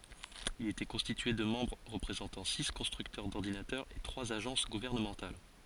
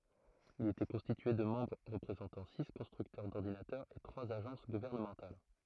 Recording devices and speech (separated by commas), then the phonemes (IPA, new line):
forehead accelerometer, throat microphone, read sentence
il etɛ kɔ̃stitye də mɑ̃bʁ ʁəpʁezɑ̃tɑ̃ si kɔ̃stʁyktœʁ dɔʁdinatœʁz e tʁwaz aʒɑ̃s ɡuvɛʁnəmɑ̃tal